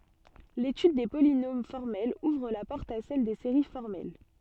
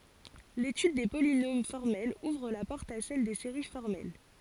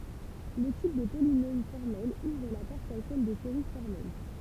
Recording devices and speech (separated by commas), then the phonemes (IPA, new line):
soft in-ear microphone, forehead accelerometer, temple vibration pickup, read sentence
letyd de polinom fɔʁmɛlz uvʁ la pɔʁt a sɛl de seʁi fɔʁmɛl